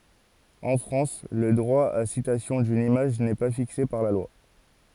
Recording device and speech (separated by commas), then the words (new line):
forehead accelerometer, read sentence
En France, le droit à citation d'une image n'est pas fixé par la loi.